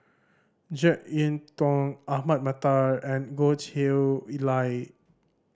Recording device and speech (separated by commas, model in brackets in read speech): standing microphone (AKG C214), read sentence